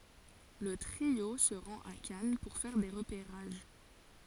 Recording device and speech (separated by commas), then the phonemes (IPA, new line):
forehead accelerometer, read sentence
lə tʁio sə ʁɑ̃t a kan puʁ fɛʁ de ʁəpeʁaʒ